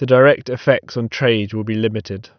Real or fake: real